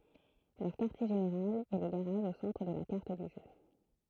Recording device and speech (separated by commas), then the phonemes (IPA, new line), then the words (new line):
throat microphone, read sentence
lœʁ kaʁtje ʒeneʁal ɛ lə ɡaʁaʒ o sɑ̃tʁ də la kaʁt dy ʒø
Leur quartier général est le garage au centre de la carte du jeu.